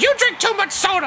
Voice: grating voice